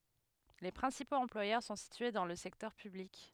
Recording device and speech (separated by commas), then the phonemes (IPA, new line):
headset microphone, read sentence
le pʁɛ̃sipoz ɑ̃plwajœʁ sɔ̃ sitye dɑ̃ lə sɛktœʁ pyblik